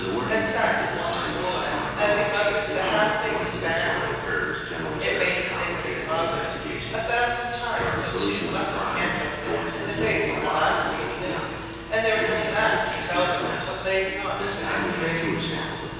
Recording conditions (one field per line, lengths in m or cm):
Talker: one person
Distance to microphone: 7.1 m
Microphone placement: far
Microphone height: 1.7 m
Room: very reverberant, large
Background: television